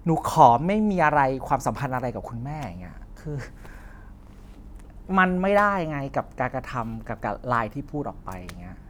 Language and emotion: Thai, frustrated